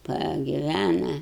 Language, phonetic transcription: Lithuanian, pagiˈvæna

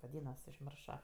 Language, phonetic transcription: Lithuanian, vaˈdynas užˈmiršo

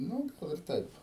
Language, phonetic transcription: Lithuanian, ˈnu ˈgal ir ˈtaip

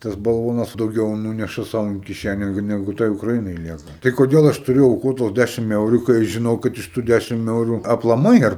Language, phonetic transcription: Lithuanian, tas balˈvonas dauˈgiau ˈnūneša ˈsau in kiˈšæne ˈnegu ˈtai ukraˈinai ˈlieka tai koˈdėl ˈaš tuˈriu auˈkot tuos ˈdæšim ˈeuru kai ˈaš žiˈnau kad iš ˈtų ˈdæšim ˈeuru aplaˈmai ar

